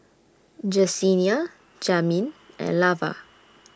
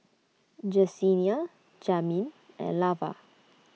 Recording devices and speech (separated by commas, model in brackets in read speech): standing microphone (AKG C214), mobile phone (iPhone 6), read sentence